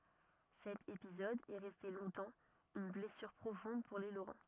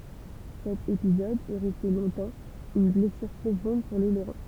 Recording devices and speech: rigid in-ear microphone, temple vibration pickup, read sentence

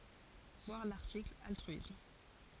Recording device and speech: forehead accelerometer, read sentence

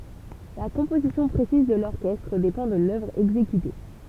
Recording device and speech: temple vibration pickup, read sentence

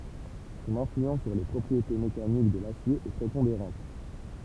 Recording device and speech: temple vibration pickup, read sentence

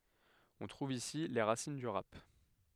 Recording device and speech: headset microphone, read sentence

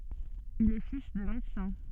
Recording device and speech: soft in-ear microphone, read sentence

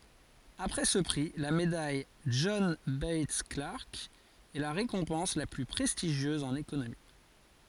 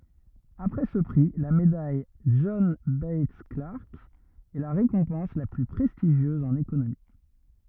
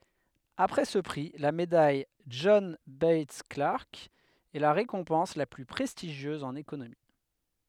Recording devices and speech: forehead accelerometer, rigid in-ear microphone, headset microphone, read sentence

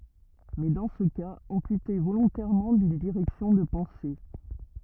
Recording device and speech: rigid in-ear microphone, read sentence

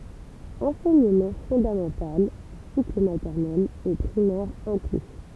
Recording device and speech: temple vibration pickup, read sentence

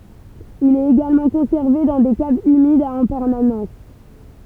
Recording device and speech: temple vibration pickup, read sentence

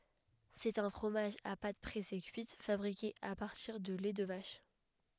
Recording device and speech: headset microphone, read sentence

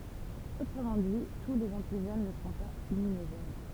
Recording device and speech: temple vibration pickup, read sentence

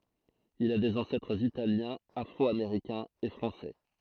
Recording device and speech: throat microphone, read sentence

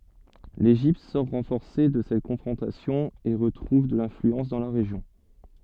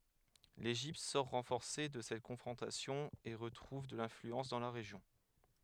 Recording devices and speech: soft in-ear microphone, headset microphone, read sentence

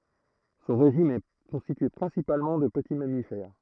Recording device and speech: throat microphone, read sentence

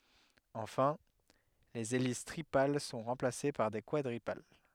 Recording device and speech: headset microphone, read sentence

